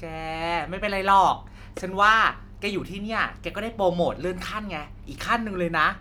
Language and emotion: Thai, neutral